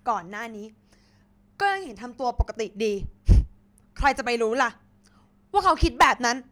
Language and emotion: Thai, angry